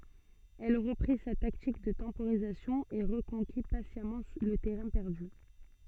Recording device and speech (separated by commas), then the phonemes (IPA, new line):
soft in-ear microphone, read sentence
ɛl ʁəpʁi sa taktik də tɑ̃poʁizasjɔ̃ e ʁəkɔ̃ki pasjamɑ̃ lə tɛʁɛ̃ pɛʁdy